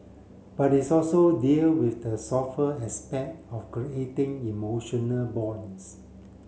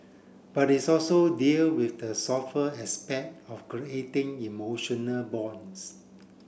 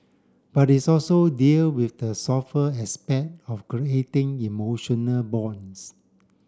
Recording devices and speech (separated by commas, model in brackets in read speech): mobile phone (Samsung C7), boundary microphone (BM630), standing microphone (AKG C214), read sentence